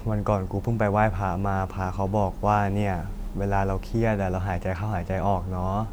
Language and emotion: Thai, neutral